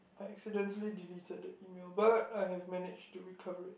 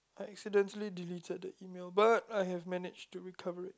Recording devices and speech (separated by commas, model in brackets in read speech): boundary microphone, close-talking microphone, conversation in the same room